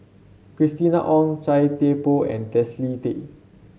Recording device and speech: mobile phone (Samsung C7), read sentence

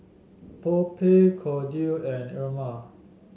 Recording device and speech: mobile phone (Samsung S8), read sentence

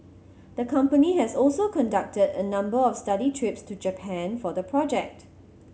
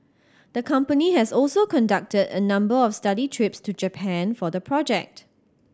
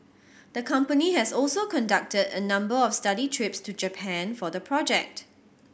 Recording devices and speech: mobile phone (Samsung C7100), standing microphone (AKG C214), boundary microphone (BM630), read sentence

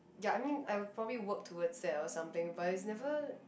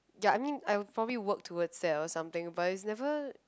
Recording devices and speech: boundary microphone, close-talking microphone, conversation in the same room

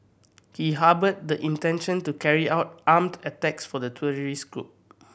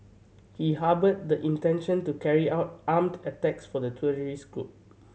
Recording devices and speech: boundary microphone (BM630), mobile phone (Samsung C7100), read sentence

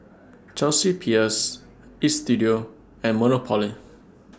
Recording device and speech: standing microphone (AKG C214), read sentence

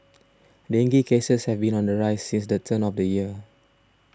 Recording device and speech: standing microphone (AKG C214), read sentence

